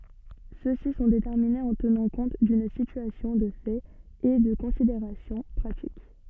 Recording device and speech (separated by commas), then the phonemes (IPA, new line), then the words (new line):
soft in-ear microphone, read sentence
sø si sɔ̃ detɛʁminez ɑ̃ tənɑ̃ kɔ̃t dyn sityasjɔ̃ də fɛt e də kɔ̃sideʁasjɔ̃ pʁatik
Ceux-ci sont déterminés en tenant compte d'une situation de fait et de considérations pratiques.